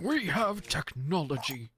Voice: Reckless Scientist Voice